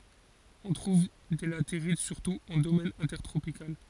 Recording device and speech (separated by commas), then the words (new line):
forehead accelerometer, read sentence
On trouve des latérites surtout en domaine intertropical.